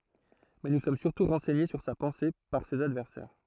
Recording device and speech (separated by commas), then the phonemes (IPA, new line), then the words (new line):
throat microphone, read sentence
mɛ nu sɔm syʁtu ʁɑ̃sɛɲe syʁ sa pɑ̃se paʁ sez advɛʁsɛʁ
Mais nous sommes surtout renseignés sur sa pensée par ses adversaires.